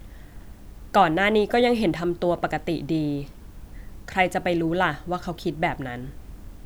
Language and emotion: Thai, neutral